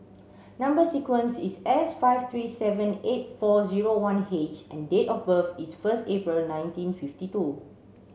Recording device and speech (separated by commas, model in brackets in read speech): mobile phone (Samsung C7), read sentence